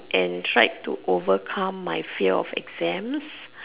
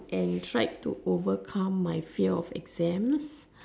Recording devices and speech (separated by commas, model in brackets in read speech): telephone, standing microphone, conversation in separate rooms